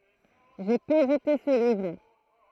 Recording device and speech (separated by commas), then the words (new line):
throat microphone, read sentence
J’ai peu goûté ce livre.